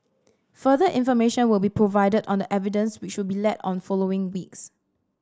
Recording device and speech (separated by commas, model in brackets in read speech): standing microphone (AKG C214), read sentence